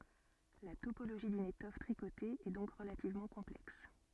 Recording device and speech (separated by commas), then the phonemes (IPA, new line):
soft in-ear microphone, read sentence
la topoloʒi dyn etɔf tʁikote ɛ dɔ̃k ʁəlativmɑ̃ kɔ̃plɛks